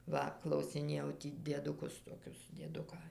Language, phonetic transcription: Lithuanian, ˈva klausiˈnėjau ˈtį dieduˈkus toˈkius dieˈduką

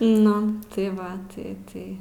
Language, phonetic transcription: Lithuanian, ˈnu tai ˈva ˈtai ˈtai

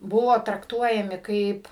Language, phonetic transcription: Lithuanian, ˈbuvo trakˈtuojami ˈkaip

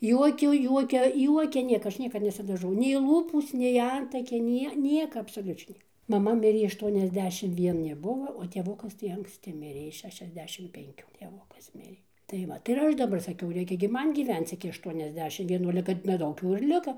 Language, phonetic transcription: Lithuanian, ˈjuokiu ˈjuokia ˈjuokia ˈnieka ˈaš ˈniekad nesidaˈžau nei ˈlūpūs nei ˈantakiai ˈnie ˈnieka absoˈliučiai ˈnieka maˈma ˈmirė ašˌtuoniasˈdešim vieˈni ˈbuva o tėˈvukas tai anksˈti ˈmirė ˈis ˌšešiasˈdešim penˈkių tėˈvukas ˈmirė tai ˈvat ir ˈaš daˈbar saˈkiau ˈreikia gi ˈman gyˈvenc iki ašˌtuoniasˈdešim vieˈnų ale ˈkad neˈdaug jau ir ˈliko

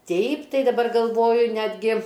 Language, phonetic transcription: Lithuanian, ˈteip ˈtai daˈbar galˈvoju ˈnetgi

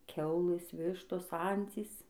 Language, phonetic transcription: Lithuanian, ˈkiaulɘs ˈvištos ˈancys

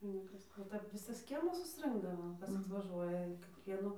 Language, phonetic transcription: Lithuanian, nu ˈkas o ˈtap ˈvisas ˈkiemas susˈrɨnkdavo ˈkas atvaˈžuoja kėˈkvienu

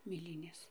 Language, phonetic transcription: Lithuanian, mėˈlynės

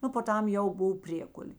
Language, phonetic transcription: Lithuanian, ˈnu po ˈtam ˈjau ˈbov ˈpriekulė

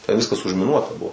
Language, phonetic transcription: Lithuanian, tenˈviskas užmiˈnuota ˈbuvo

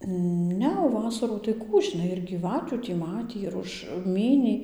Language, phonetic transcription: Lithuanian, ˈne o ˈvasarų tai ˈkų žiˈnai ir gyˈvatių tį ˈmatį ir ˈuž ˈmynį

